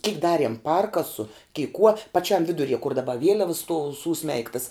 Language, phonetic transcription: Lithuanian, kik ˈdariem ˈparkasu kei kuo paˈčiam ˈviduˌrie kur daˈba ˈvieliavas stuov ˈsūˌsmeigtas

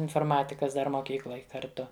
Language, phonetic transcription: Lithuanian, inforˈmatikas ˈdar moˈkykloj kar'ˈtu

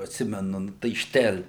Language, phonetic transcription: Lithuanian, atˈsimenu ˈnu tai ˈštel'

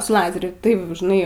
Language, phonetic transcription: Lithuanian, su ˈlazeriu ˈtaip žiˈnai

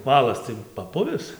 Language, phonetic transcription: Lithuanian, ˈvalas tai paˈpuvis

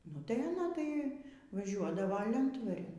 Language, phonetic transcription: Lithuanian, nu ˈtai aˈna tai vaˈžiuodavo ˈlentvarin

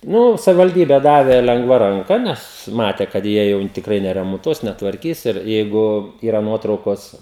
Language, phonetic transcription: Lithuanian, ˈnu savivalˈdybe ˈdavė lenˈgva ranˈka ˈnes ˈmate kad ˈjie jau tikˈrai neremonˈtuos netvarˈkys ir ˈjeigu ˈyra ˈnuotraukos

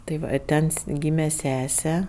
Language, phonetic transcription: Lithuanian, tai ˈva ˈten s ˈgyme ˈsese

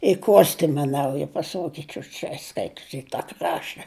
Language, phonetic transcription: Lithuanian, i ˈkostima ˈnauja paˈsogičiu čia ˈskaitus i ta ˈkrašta

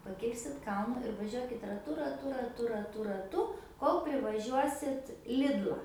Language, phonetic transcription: Lithuanian, paˈkilsit ˈkalnu ir vaˈžiuokit raˈtu raˈtu raˈtu raˈtu raˈtu ˈkol privaˈžiuosit ˈlidla

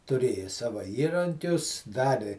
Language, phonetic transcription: Lithuanian, tuˈrėjo ˈsava ˈįrankius ˈdari

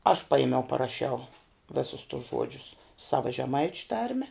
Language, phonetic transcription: Lithuanian, aš ˈpajimiau paraˈšiau ˈvisus tus ˈžuodžius ˈsava žeˈmaičiu ˈtarme

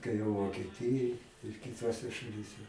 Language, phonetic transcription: Lithuanian, tai vokieˈtijoj ir kiˈtose šaˈlyse

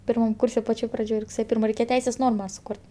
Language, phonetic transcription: Lithuanian, pirˈmam ˈkūrse paˈčioj praˈdžioj rugˈsėje ˈpirma reiˈkėje ˈteisės ˈnorma suˈkurt

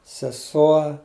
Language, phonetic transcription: Lithuanian, seˈsuo

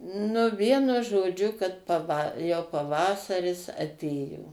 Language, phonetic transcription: Lithuanian, nu ˈvienu žoˈdžiu kad paˈva jau paˈvasaris aˈtėjo

